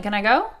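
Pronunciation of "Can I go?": In 'can', the vowel sound is dropped altogether, so only the k sound and then the n are heard.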